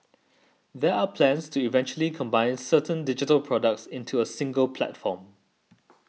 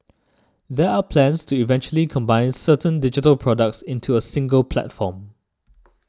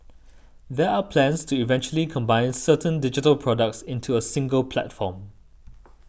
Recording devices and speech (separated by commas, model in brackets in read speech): mobile phone (iPhone 6), standing microphone (AKG C214), boundary microphone (BM630), read sentence